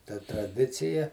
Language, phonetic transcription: Lithuanian, ta traˈdicija

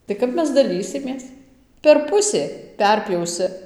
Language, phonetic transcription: Lithuanian, tai ˈkap ˈmes daˈlysimės per ˈpusė ˈperpjausi

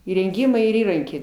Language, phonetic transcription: Lithuanian, įrenˈgymai ir ˈįrankiai

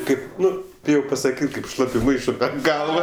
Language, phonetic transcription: Lithuanian, ˈkaip ˈnu ˈbijau pasaˈkyt' kaip ˈšlapiu ˈmaišu per ˈgalva

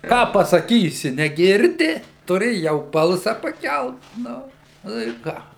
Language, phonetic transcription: Lithuanian, ˈką pasaˈkysi neˈgirdi tuˈri jau ˈbalsa paˈkelt ˈnu ˈnu i ˈką

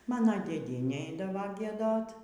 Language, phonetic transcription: Lithuanian, ˈmano dėˈdienė ˈeidavo gieˈdot

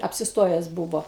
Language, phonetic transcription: Lithuanian, apsisˈtojes ˈbūvo

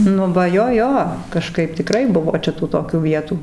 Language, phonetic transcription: Lithuanian, ˈnu va ˈjo ˈjo kaˈžkaip tiˈkrai ˈbuvo ˈčia tų toˈkių ˈvietų

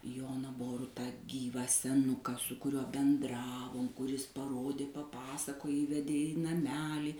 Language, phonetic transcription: Lithuanian, ˈjona ˈborutą ˈgyvą seˈnuką su kuˈriuo benˈdravom kuˈris paˈrodė paˈpasakoj ˈįvedė i naˈmelį

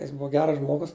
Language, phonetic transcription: Lithuanian, jis ˈbua ˈgeras ˈžmogus

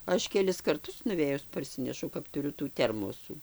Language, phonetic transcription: Lithuanian, ˈaš keˈlis karˈtus nuˈvėjus parˈsinešau kap tuˈriu tų ˈtermosų

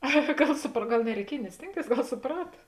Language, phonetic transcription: Lithuanian, a ˈgal supr ˈgal nereiˈkiej ni ˈstėngˌtėis ˈgal suˈprata

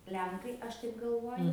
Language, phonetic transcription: Lithuanian, ˈlenkai ˈaš taip galˈvoju

